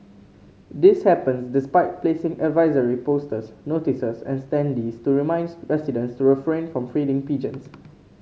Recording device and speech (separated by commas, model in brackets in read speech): mobile phone (Samsung C5), read sentence